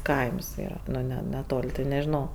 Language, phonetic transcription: Lithuanian, ˈkaims ˈyra ˈne neˈtol' tai nežiˈnau

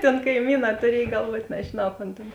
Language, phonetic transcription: Lithuanian, tėn kaiˈmyˌnā tuˈriej galˈvuot nežiˈnau kon ˈtėn

